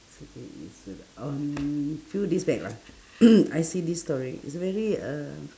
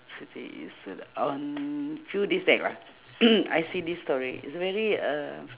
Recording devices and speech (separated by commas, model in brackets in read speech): standing microphone, telephone, conversation in separate rooms